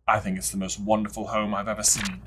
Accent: British accent